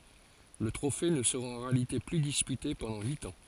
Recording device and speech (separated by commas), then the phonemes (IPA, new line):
forehead accelerometer, read sentence
lə tʁofe nə səʁa ɑ̃ ʁealite ply dispyte pɑ̃dɑ̃ yit ɑ̃